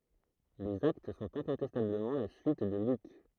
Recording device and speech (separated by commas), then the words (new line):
throat microphone, read sentence
Les Actes sont incontestablement la suite de Luc.